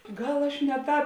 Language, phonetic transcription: Lithuanian, ˈgal aš ne ˈtāp

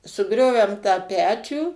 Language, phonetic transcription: Lithuanian, suˈgriovem tą ˈpečių

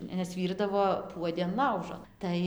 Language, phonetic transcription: Lithuanian, nes ˈvyrdavo ˈpuodi an ˈlaužo ˈtai

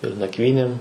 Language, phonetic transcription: Lithuanian, ir nakˈvynėm

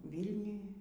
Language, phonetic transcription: Lithuanian, ˈvylniuj

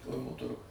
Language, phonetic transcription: Lithuanian, ˈkauno ˈturguj

